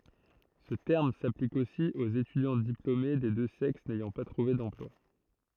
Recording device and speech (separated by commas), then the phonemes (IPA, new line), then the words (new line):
throat microphone, read sentence
sə tɛʁm saplik osi oz etydjɑ̃ diplome de dø sɛks nɛjɑ̃ pa tʁuve dɑ̃plwa
Ce terme s'applique aussi aux étudiants diplômés des deux sexes n'ayant pas trouvé d'emploi.